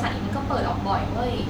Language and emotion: Thai, neutral